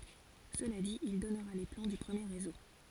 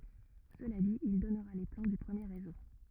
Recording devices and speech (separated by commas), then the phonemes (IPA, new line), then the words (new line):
forehead accelerometer, rigid in-ear microphone, read sentence
səla dit il dɔnʁa le plɑ̃ dy pʁəmje ʁezo
Cela dit, il donnera les plans du premier Réseau.